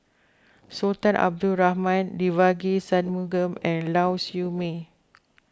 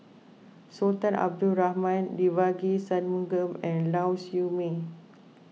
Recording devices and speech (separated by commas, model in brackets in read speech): close-talking microphone (WH20), mobile phone (iPhone 6), read sentence